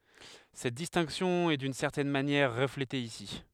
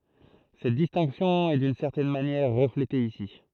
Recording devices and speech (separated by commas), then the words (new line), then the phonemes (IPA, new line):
headset microphone, throat microphone, read sentence
Cette distinction est d'une certaine manière reflétée ici.
sɛt distɛ̃ksjɔ̃ ɛ dyn sɛʁtɛn manjɛʁ ʁəflete isi